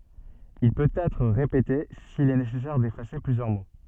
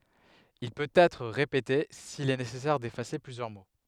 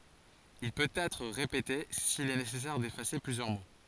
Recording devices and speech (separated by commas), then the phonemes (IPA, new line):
soft in-ear microphone, headset microphone, forehead accelerometer, read sentence
il pøt ɛtʁ ʁepete sil ɛ nesɛsɛʁ defase plyzjœʁ mo